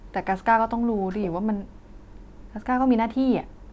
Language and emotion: Thai, frustrated